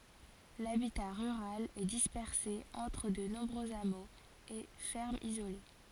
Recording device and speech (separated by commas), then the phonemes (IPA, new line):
forehead accelerometer, read sentence
labita ʁyʁal ɛ dispɛʁse ɑ̃tʁ də nɔ̃bʁøz amoz e fɛʁmz izole